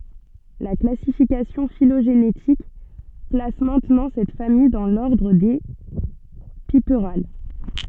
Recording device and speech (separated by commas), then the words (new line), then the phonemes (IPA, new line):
soft in-ear microphone, read sentence
La classification phylogénétique place maintenant cette famille dans l'ordre des Piperales.
la klasifikasjɔ̃ filoʒenetik plas mɛ̃tnɑ̃ sɛt famij dɑ̃ lɔʁdʁ de pipʁal